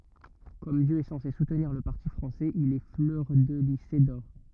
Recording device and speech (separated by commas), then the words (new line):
rigid in-ear microphone, read sentence
Comme Dieu est censé soutenir le parti français, il est fleurdelysé d'or.